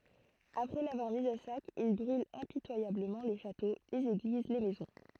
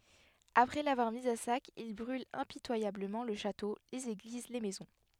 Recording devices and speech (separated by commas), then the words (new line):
throat microphone, headset microphone, read sentence
Après l'avoir mise à sac, ils brûlent impitoyablement le château, les églises, les maisons.